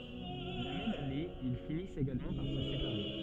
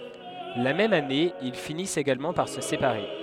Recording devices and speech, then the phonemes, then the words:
soft in-ear microphone, headset microphone, read sentence
la mɛm ane il finist eɡalmɑ̃ paʁ sə sepaʁe
La même année, ils finissent également par se séparer.

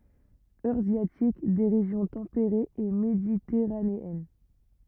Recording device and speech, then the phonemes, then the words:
rigid in-ear microphone, read sentence
øʁazjatik de ʁeʒjɔ̃ tɑ̃peʁez e meditɛʁaneɛn
Eurasiatique des régions tempérées et méditerranéennes.

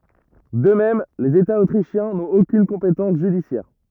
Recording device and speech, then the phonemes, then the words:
rigid in-ear microphone, read sentence
də mɛm lez etaz otʁiʃjɛ̃ nɔ̃t okyn kɔ̃petɑ̃s ʒydisjɛʁ
De même, les États autrichiens n'ont aucune compétence judiciaire.

